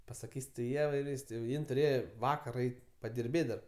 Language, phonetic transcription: Lithuanian, pasaˈkys' tai ˈievai ir ˈvysks ti jau ˈjin tuˈrėje ˈvakar ˈeit' padirˈbėt' dar

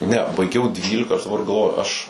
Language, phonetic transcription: Lithuanian, ne baiˈgiau ˈdvylika aš daˈbar galˈvoju ˈaš

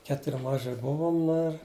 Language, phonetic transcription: Lithuanian, ˈketur' ˈmažė ˈbuvom ˈnu ir

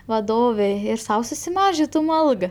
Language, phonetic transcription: Lithuanian, vaˈdovė ir ˈsau susiˈmažitum ˈalga

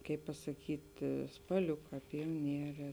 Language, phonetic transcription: Lithuanian, ˈkaip pasaˈkyt spaˈliukā pijoˈnierē

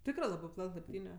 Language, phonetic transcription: Lithuanian, ˈtikrɜ ˈlabɜ ˈplat' laipˈtyne

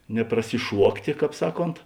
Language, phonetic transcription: Lithuanian, neprasiˈšuoktė ˈkāp ˈsaˌkont

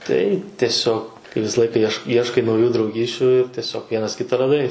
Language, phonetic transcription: Lithuanian, tai tieˈsiog kai ˈvisa ˈlaika ieš ˈieškai ˈieškai nauˈjų drauˈgysčiu tieˈsiog ˈvienas ˈkita raˈdai

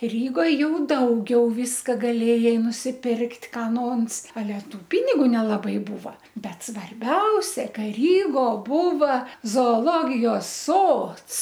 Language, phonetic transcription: Lithuanian, ˈrygoj ˈjau ˈdaugiau ˈvyska gaˈlėjai nusiˈpirkt' ˈką ˈnons aˈle ˈtų ˈpinigu nelaˈbai ˈbūva ˈbet svarˈbiausia ˈka ˈrygo ˈbūva zooˈlogijos ˈsods

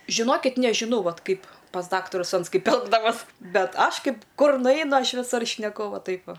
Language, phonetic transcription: Lithuanian, žiˈnokit nežiˈnau ˈvat ˈkaip pas ˈdaktarus ˈans ˈkaip ˈelgdavos ˈbet ˈaš ˈkaip ˈkur nuˈeinu ˈaš viˈsur šneˈku ˈva ˈtaip ˈva

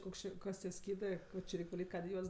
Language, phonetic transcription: Lithuanian, ˈkoks či ˈkas tie ˈskydɜ ˈko či ˈreik' vaˈlyt' ˈkadė ˈjuos

